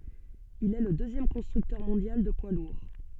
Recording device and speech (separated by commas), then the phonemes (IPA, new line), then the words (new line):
soft in-ear microphone, read sentence
il ɛ lə døzjɛm kɔ̃stʁyktœʁ mɔ̃djal də pwa luʁ
Il est le deuxième constructeur mondial de poids lourds.